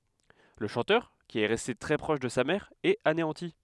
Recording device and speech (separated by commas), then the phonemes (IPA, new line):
headset microphone, read sentence
lə ʃɑ̃tœʁ ki ɛ ʁɛste tʁɛ pʁɔʃ də sa mɛʁ ɛt aneɑ̃ti